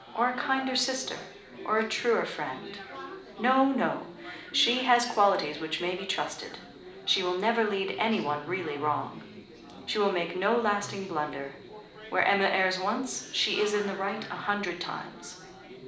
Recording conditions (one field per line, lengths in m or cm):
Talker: one person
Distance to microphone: 2.0 m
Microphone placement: close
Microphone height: 99 cm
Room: medium-sized (5.7 m by 4.0 m)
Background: babble